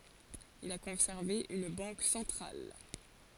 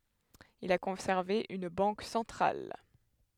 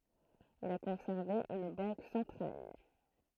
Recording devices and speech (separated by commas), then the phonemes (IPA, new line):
forehead accelerometer, headset microphone, throat microphone, read sentence
il a kɔ̃sɛʁve yn bɑ̃k sɑ̃tʁal